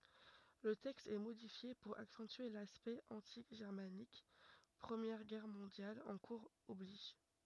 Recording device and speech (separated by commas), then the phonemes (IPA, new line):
rigid in-ear microphone, read sentence
lə tɛkst ɛ modifje puʁ aksɑ̃tye laspɛkt ɑ̃ti ʒɛʁmanik pʁəmjɛʁ ɡɛʁ mɔ̃djal ɑ̃ kuʁz ɔbliʒ